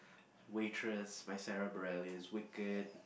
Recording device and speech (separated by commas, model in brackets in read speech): boundary microphone, conversation in the same room